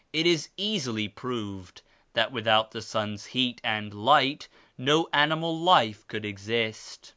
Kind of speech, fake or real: real